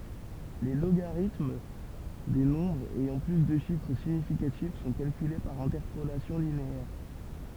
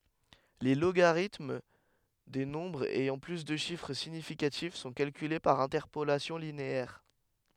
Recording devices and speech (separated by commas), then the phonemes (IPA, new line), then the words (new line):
temple vibration pickup, headset microphone, read sentence
le loɡaʁitm de nɔ̃bʁz ɛjɑ̃ ply də ʃifʁ siɲifikatif sɔ̃ kalkyle paʁ ɛ̃tɛʁpolasjɔ̃ lineɛʁ
Les logarithmes des nombres ayant plus de chiffres significatifs sont calculés par interpolation linéaire.